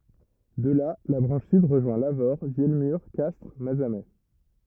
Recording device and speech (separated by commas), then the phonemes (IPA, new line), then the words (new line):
rigid in-ear microphone, read sentence
də la la bʁɑ̃ʃ syd ʁəʒwɛ̃ lavoʁ vjɛlmyʁ kastʁ mazamɛ
De là, la branche sud rejoint Lavaur, Vielmur, Castres, Mazamet.